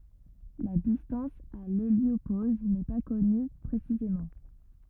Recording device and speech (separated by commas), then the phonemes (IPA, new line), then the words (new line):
rigid in-ear microphone, read sentence
la distɑ̃s a leljopoz nɛ pa kɔny pʁesizemɑ̃
La distance à l'héliopause n'est pas connue précisément.